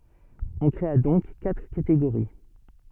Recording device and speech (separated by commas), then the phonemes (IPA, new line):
soft in-ear microphone, read sentence
ɔ̃ kʁea dɔ̃k katʁ kateɡoʁi